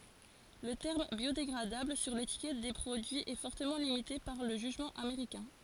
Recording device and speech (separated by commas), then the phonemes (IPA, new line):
forehead accelerometer, read sentence
lə tɛʁm bjodeɡʁadabl syʁ letikɛt de pʁodyiz ɛ fɔʁtəmɑ̃ limite paʁ lə ʒyʒmɑ̃ ameʁikɛ̃